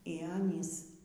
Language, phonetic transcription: Lithuanian, y ˈanys

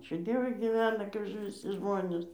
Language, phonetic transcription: Lithuanian, ˈačiū ˈdievui gyˈvena kaip viˈsi ˈžmonės

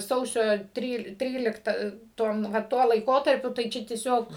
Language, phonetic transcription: Lithuanian, ˈsausio ˈtryl ˈtrylikta ˈtom va ˈtuo laiˈkotarpiu tai ˈčia tieˈsiog

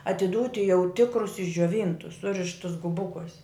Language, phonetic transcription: Lithuanian, atiˈdūti jau ˈtikrus išdžioˈvyntus ˈsurištus guˈbukuos'

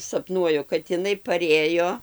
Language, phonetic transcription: Lithuanian, sapˈnuoju kad iˈnai paˈrėjo

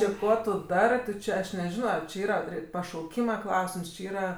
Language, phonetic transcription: Lithuanian, ˈči ˈkuo tu ˈdarɜ tu ˈčia ˈaš neˈžino či ˈyra ˈpri pašauˈkyma ˈklausims či ˈyra

